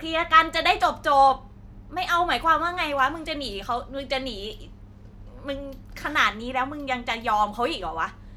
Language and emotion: Thai, frustrated